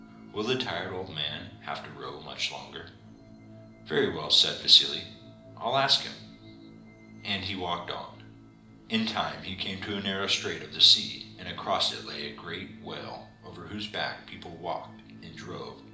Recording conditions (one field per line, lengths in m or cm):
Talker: one person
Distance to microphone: 2.0 m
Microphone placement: close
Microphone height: 99 cm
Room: medium-sized (5.7 m by 4.0 m)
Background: music